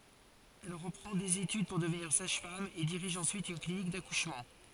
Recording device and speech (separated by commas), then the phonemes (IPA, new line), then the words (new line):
forehead accelerometer, read sentence
ɛl ʁəpʁɑ̃ dez etyd puʁ dəvniʁ saʒfam e diʁiʒ ɑ̃syit yn klinik dakuʃmɑ̃
Elle reprend des études pour devenir sage-femme et dirige ensuite une clinique d'accouchement.